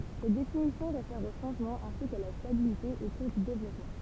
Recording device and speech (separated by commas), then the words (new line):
temple vibration pickup, read sentence
Cette définition réfère aux changements ainsi qu'à la stabilité au cours du développement.